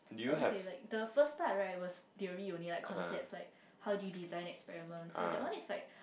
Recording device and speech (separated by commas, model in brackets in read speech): boundary microphone, conversation in the same room